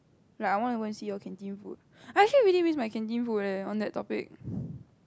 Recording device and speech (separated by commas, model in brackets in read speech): close-talking microphone, conversation in the same room